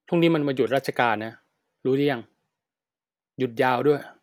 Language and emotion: Thai, neutral